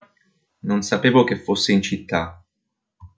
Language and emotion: Italian, neutral